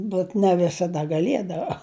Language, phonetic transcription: Lithuanian, bet ne visaˈda gaˈliedava

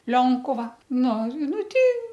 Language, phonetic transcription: Lithuanian, ˈlionkuva ˈnu ˈnu ˈtei

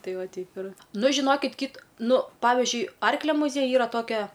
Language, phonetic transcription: Lithuanian, ˈtai ˈva ˈteip ir ˈnu žiˈnokit kyt ˈnu ˈpavižiui ˈarklia muˈziejuj ˈyra ˈtokia

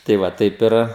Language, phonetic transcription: Lithuanian, tai ˈva ˈtaip ir

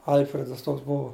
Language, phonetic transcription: Lithuanian, ˈalfredas ˈtoks ˈbuvo

